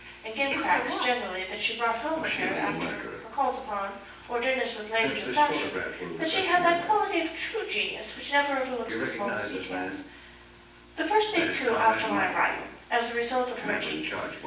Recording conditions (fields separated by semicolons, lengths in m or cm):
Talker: one person; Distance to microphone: 9.8 m; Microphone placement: far; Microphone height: 1.8 m; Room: large; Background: television